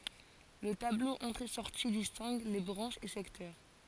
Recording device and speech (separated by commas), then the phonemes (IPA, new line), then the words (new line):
forehead accelerometer, read sentence
lə tablo ɑ̃tʁeɛsɔʁti distɛ̃ɡ le bʁɑ̃ʃz e sɛktœʁ
Le tableau entrées-sorties distingue les branches et secteurs.